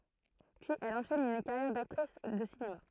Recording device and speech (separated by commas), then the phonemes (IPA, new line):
throat microphone, read sentence
pyiz ɛl ɑ̃ʃɛn yn kaʁjɛʁ daktʁis də sinema